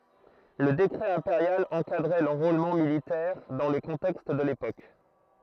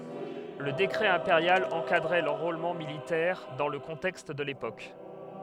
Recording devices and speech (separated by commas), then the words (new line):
throat microphone, headset microphone, read sentence
Le décret impérial encadrait l’enrôlement militaire, dans le contexte de l’époque.